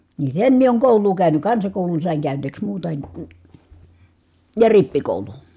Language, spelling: Finnish, niin sen minä olen koulua käynyt kansakoulun sain käyneeksi muuta en ja rippikoulun
- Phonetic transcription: ni sen mie ooŋ kòul̀uu käyny , kansakòulun sàiŋ kä̀yneeks muuta en , ja rippikòulun .

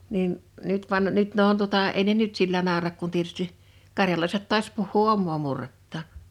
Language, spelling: Finnish, niin nyt vaan nyt ne on tuota ei ne nyt sillä naura kun tietysti karjalaiset taas puhuu omaa murrettaan
- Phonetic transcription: 'niin , 'nyt van , 'nyt ne on tuᵒtà ei ne "nyt sillä 'nàorak kun tietysti , 'karjalaiset ta̳a̳s puhhuu "ommoo 'murrettaa(n) .

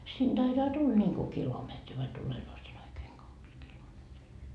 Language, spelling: Finnish, sinne taitaa tulla niin kuin kilometri vai tullee sinne oikein kaksi kilometriä
- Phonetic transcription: sin Daitaa 'tul ńiŋku 'kilometri vai 'tulenoo sin ‿oikeeŋ 'kaks kilometrii .

